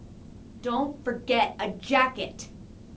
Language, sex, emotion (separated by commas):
English, female, angry